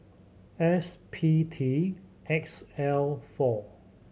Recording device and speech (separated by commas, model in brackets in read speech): mobile phone (Samsung C7100), read sentence